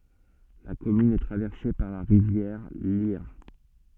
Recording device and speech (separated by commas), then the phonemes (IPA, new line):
soft in-ear microphone, read sentence
la kɔmyn ɛ tʁavɛʁse paʁ la ʁivjɛʁ ljɛʁ